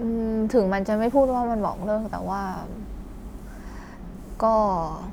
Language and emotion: Thai, frustrated